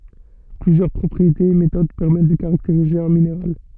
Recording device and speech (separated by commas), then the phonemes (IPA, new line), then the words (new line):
soft in-ear microphone, read sentence
plyzjœʁ pʁɔpʁietez e metod pɛʁmɛt də kaʁakteʁize œ̃ mineʁal
Plusieurs propriétés et méthodes permettent de caractériser un minéral.